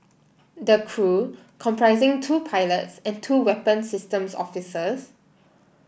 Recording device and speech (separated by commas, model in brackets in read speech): boundary microphone (BM630), read sentence